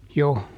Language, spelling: Finnish, jo
- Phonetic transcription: ˈjo .

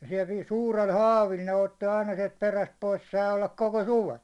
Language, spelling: Finnish, ja sieltä niin suurella haavilla ne otti aina sieltä perästä pois sai olla koko suven
- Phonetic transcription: ja sɪᴇlt nɪɪ 'suurel "haavil ne otti aina siɛlt 'peräst pois sài 'ollak koko "suven .

